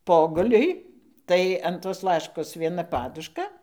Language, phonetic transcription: Lithuanian, ˈpoguliui ˈtai an tos ˈlaškos vieˈna ˈpaduška

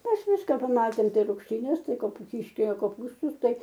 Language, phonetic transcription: Lithuanian, ˈmes ˈviska paˈmatėm ˈtai rugšˈtynes ˈtai ˈkopu ˈkiškelio koˈpūstus ˈtai

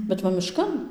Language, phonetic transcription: Lithuanian, bet ˈva ˈmiškan

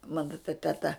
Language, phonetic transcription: Lithuanian, ˈmana ta teˈta

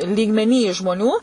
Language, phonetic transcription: Lithuanian, lygmeˈny žmoˈnių

